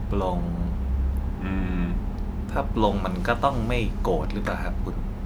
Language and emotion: Thai, neutral